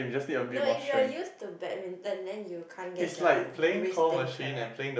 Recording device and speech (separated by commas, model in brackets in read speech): boundary microphone, conversation in the same room